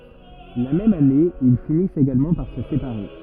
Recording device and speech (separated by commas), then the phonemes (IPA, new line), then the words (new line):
rigid in-ear microphone, read sentence
la mɛm ane il finist eɡalmɑ̃ paʁ sə sepaʁe
La même année, ils finissent également par se séparer.